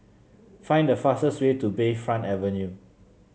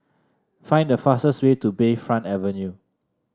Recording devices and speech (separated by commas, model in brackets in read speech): mobile phone (Samsung C7), standing microphone (AKG C214), read sentence